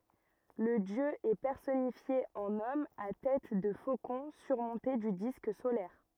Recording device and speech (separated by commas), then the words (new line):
rigid in-ear microphone, read sentence
Le dieu est personnifié en homme à tête de faucon surmonté du disque solaire.